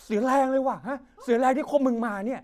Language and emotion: Thai, frustrated